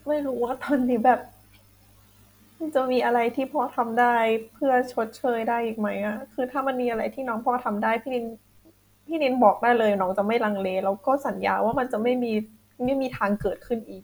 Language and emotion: Thai, sad